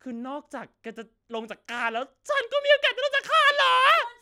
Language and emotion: Thai, happy